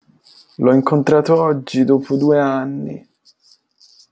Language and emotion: Italian, sad